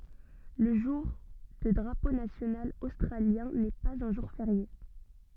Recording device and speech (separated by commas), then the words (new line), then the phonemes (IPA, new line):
soft in-ear microphone, read sentence
Le jour de Drapeau national australien n'est pas un jour férié.
lə ʒuʁ də dʁapo nasjonal ostʁaljɛ̃ nɛ paz œ̃ ʒuʁ feʁje